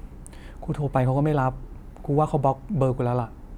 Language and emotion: Thai, frustrated